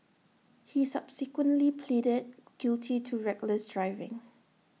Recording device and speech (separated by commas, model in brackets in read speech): mobile phone (iPhone 6), read sentence